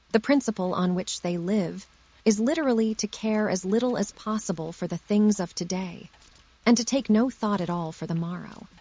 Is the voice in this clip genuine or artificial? artificial